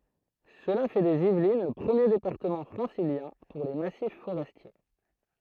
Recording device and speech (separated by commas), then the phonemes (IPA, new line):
throat microphone, read sentence
səla fɛ dez ivlin lə pʁəmje depaʁtəmɑ̃ fʁɑ̃siljɛ̃ puʁ le masif foʁɛstje